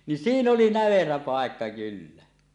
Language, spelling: Finnish, niin siinä oli näverä paikka kyllä
- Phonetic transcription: nin "siin ‿oli "näverä 'pàekka 'kyllä .

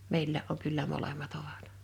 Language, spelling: Finnish, meilläkin on kyllä molemmat ovat
- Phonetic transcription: 'meillää’ ’oŋ kyllä 'molem̀at 'ovat .

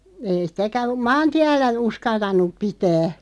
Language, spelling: Finnish, ei sitäkään maantiellä uskaltanut pitää
- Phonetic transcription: ei 'sⁱtäkä , "maantiällä 'uskaltan̆nuᵖ 'pitää .

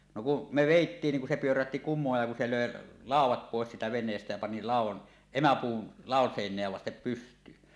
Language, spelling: Finnish, no kun me vedettiin niin kun se pyörähti kumoon ja kun se löi laudat pois siitä veneestä ja pani laudan emäpuun ladon seinää vasten pystyyn
- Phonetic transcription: no ku , me "vèittiin ni ku se 'pyörähti "kum̆mooj ja ku 'se "lö̀e , "làuw̆wat 'pòes siitä 'ven̆neestä jä pani 'làuw̆wan , "emäpuun , "làon 'sèiǹeä vastep 'pyst̀yyn .

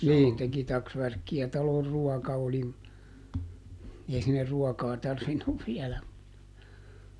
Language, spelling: Finnish, niin teki taksvärkkiä talon ruoka oli - ei sinne ruokaa tarvinnut viedä mutta
- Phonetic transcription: ˈniin teki ˈtaksvärkki₍ä - ˈtalor "ruɔka oli m- , ˈei sinner "ruɔkaa ˈtarvinnuv ˈviɛläm (mutta) .

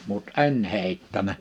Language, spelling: Finnish, mutta en heittänyt
- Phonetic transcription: mut "e̬n 'hèittänä .

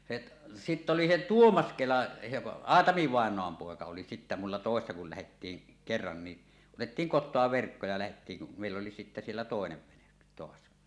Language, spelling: Finnish, se sitten oli se Tuomas Kela se Aatami vainaan poika oli sitten minulla töissä kun lähdettiin kerran niin otettiin kotoa verkko ja lähdettiin meille oli sitten siellä toinen vene taas
- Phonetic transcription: se , 'sitt ‿oli se "Tuomas 'Kela , se "Aatami vàeǹoam 'pòeka oli sittä mulla tòessa kul lähettiiŋ , 'kerran ni , "otettiiŋ 'kot̆toa verkko ja lähettiiŋ̳ , 'mèill ‿oli sittä siellä "tòenev 'vene , toas .

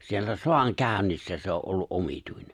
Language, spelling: Finnish, siellä sodankäynnissä se on ollut omituinen
- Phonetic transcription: siellä 'soaŋkä̀önnissä se o’ ’ollu’ '’omituine .

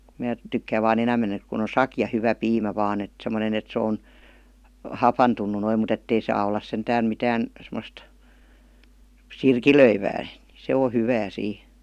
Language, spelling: Finnish, minä tykkään vain enemmän että kun on sakea hyvä piimä vain että semmoinen että se on hapantunut noin mutta että ei saa olla sentään mitään semmoista sirkilöivää niin se on hyvää siinä
- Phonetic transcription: 'mää , tykkääv̆ vaa'n ‿enäm̆men ‿ek kuⁿ ‿on "sakja 'hyvä 'piimä 'vaan ‿et , sem°ne ‿et se on , "hapantun̆nu noim mu't ‿ettei saa ollas 'sentään 'mitään , semost , "sirkilöivää , ni 'se o 'hyvää 'sii .

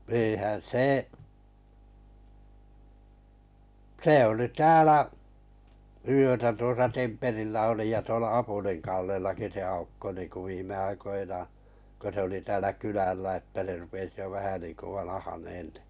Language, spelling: Finnish, eihän se se oli täällä yötä tuossa Temperillä oli ja tuolla Apulin Kallellakin se Aukko niin kuin viime aikoinaan kun se oli täällä kylällä että se rupesi jo vähän niin kuin vanhenemaan niin
- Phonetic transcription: e̬e̬hän 'see , 'se olì 'täälä , yötä 'tuosa Temperillä oli ja 'tuola 'Apuliŋ Kallellaki se 'Aukko niiŋku 'viim̆me aikoinaa , ko se oli täälä 'kylällä että se rupes jo 'vähä niiŋko 'vanahaneen (ɴɪ) .

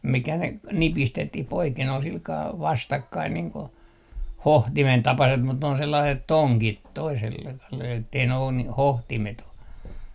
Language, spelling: Finnish, mikä ne - nipistettiin poiken oli sillä kalella vastakkain niin kuin hohtimen tapaiset mutta ne on sellaiset tongit - että ei ne ole - hohtimet ole
- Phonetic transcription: mikä ne ‿k- , 'nipistettih 'poiken ol 'silkaa "vastakkain niiŋ ko , "hohtimen 'tapaset mut ne on 'sellaiset "toŋkit toisel- , ettei ne on ni- , 'hohtimet ‿o .

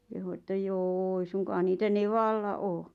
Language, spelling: Finnish, kehui että joo ei suinkaan niitä nevalla ole
- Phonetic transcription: kehu että » "jô 'eⁱ suŋkaa 'niitä "nevalla '’oo « .

